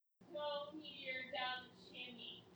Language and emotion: English, sad